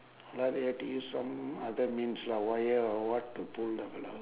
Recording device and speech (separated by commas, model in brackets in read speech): telephone, conversation in separate rooms